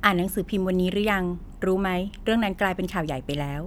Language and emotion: Thai, neutral